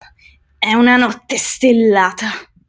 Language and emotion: Italian, angry